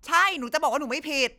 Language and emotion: Thai, angry